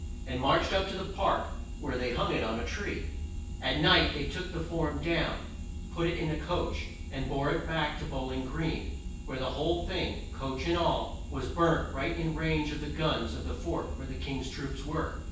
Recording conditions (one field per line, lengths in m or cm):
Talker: one person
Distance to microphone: 9.8 m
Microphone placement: far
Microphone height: 1.8 m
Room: large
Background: none